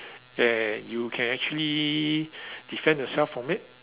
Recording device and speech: telephone, conversation in separate rooms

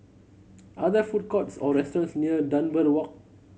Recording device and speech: mobile phone (Samsung C7100), read sentence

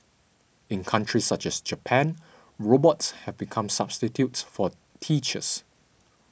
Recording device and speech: boundary microphone (BM630), read sentence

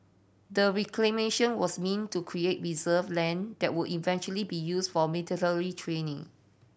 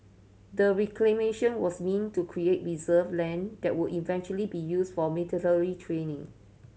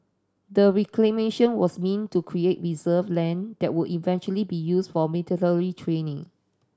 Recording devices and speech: boundary microphone (BM630), mobile phone (Samsung C7100), standing microphone (AKG C214), read sentence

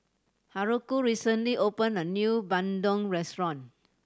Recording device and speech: standing microphone (AKG C214), read sentence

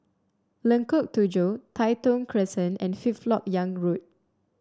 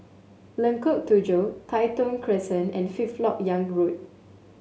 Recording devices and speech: standing microphone (AKG C214), mobile phone (Samsung S8), read sentence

